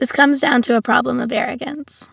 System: none